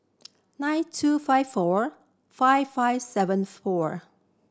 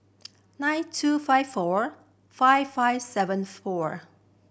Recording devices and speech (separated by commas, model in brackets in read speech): standing microphone (AKG C214), boundary microphone (BM630), read sentence